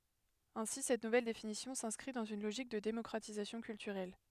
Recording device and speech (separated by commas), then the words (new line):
headset microphone, read sentence
Ainsi cette nouvelle définition s'inscrit dans une logique de démocratisation culturelle.